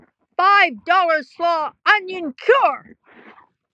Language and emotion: English, surprised